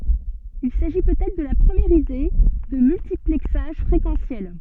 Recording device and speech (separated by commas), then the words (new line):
soft in-ear microphone, read sentence
Il s'agit peut-être de la première idée de multiplexage fréquentiel.